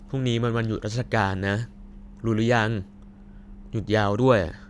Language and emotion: Thai, frustrated